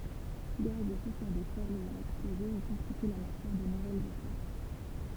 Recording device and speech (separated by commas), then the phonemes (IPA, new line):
temple vibration pickup, read sentence
ɡaz e pusjɛʁ detwalz ɛjɑ̃ ɛksploze i kɔ̃stity la matjɛʁ də nuvɛlz etwal